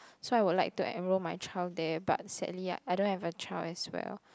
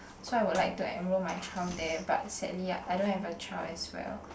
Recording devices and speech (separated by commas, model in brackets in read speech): close-talking microphone, boundary microphone, conversation in the same room